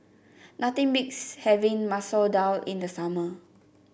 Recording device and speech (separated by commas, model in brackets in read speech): boundary microphone (BM630), read sentence